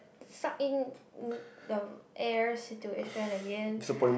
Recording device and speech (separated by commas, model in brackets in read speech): boundary microphone, conversation in the same room